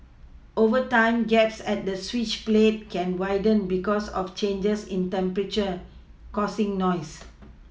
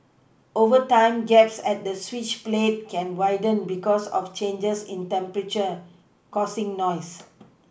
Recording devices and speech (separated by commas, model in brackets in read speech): mobile phone (iPhone 6), boundary microphone (BM630), read sentence